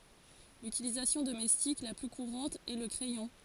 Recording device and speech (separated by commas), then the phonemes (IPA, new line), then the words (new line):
forehead accelerometer, read sentence
lytilizasjɔ̃ domɛstik la ply kuʁɑ̃t ɛ lə kʁɛjɔ̃
L'utilisation domestique la plus courante est le crayon.